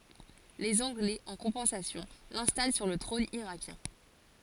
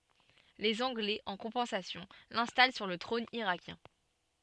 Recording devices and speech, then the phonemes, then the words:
forehead accelerometer, soft in-ear microphone, read sentence
lez ɑ̃ɡlɛz ɑ̃ kɔ̃pɑ̃sasjɔ̃ lɛ̃stal syʁ lə tʁɔ̃n iʁakjɛ̃
Les Anglais, en compensation, l'installent sur le trône irakien.

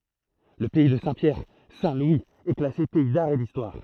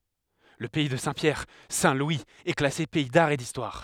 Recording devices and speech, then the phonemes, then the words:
throat microphone, headset microphone, read sentence
lə pɛi də sɛ̃tpjɛʁ sɛ̃tlwiz ɛ klase pɛi daʁ e distwaʁ
Le pays de Saint-Pierre - Saint-Louis est classé pays d'art et d'histoire.

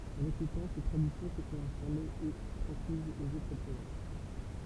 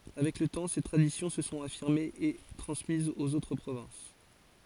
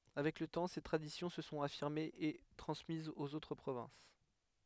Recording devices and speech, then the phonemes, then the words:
temple vibration pickup, forehead accelerometer, headset microphone, read sentence
avɛk lə tɑ̃ se tʁadisjɔ̃ sə sɔ̃t afiʁmez e tʁɑ̃smizz oz otʁ pʁovɛ̃s
Avec le temps, ces traditions se sont affirmées et transmises aux autres provinces.

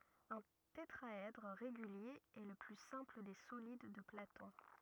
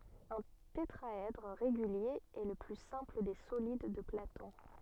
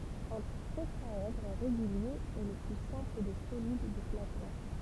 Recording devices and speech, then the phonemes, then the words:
rigid in-ear microphone, soft in-ear microphone, temple vibration pickup, read sentence
œ̃ tetʁaɛdʁ ʁeɡylje ɛ lə ply sɛ̃pl de solid də platɔ̃
Un tétraèdre régulier est le plus simple des solides de Platon.

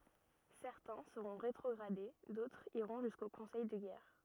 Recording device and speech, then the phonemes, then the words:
rigid in-ear microphone, read sentence
sɛʁtɛ̃ səʁɔ̃ ʁetʁɔɡʁade dotʁz iʁɔ̃ ʒysko kɔ̃sɛj də ɡɛʁ
Certains seront rétrogradés, d'autres iront jusqu'au conseil de guerre.

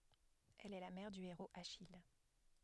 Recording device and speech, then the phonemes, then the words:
headset microphone, read sentence
ɛl ɛ la mɛʁ dy eʁoz aʃij
Elle est la mère du héros Achille.

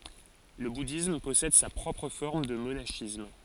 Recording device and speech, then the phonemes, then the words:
forehead accelerometer, read sentence
lə budism pɔsɛd sa pʁɔpʁ fɔʁm də monaʃism
Le bouddhisme possède sa propre forme de monachisme.

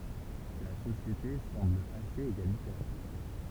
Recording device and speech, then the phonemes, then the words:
temple vibration pickup, read sentence
la sosjete sɑ̃bl asez eɡalitɛʁ
La société semble assez égalitaire.

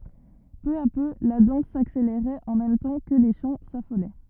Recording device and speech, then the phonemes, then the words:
rigid in-ear microphone, read sentence
pø a pø la dɑ̃s sakseleʁɛt ɑ̃ mɛm tɑ̃ kə le ʃɑ̃ safolɛ
Peu à peu, la danse s'accélérait en même temps que les chants s'affolaient.

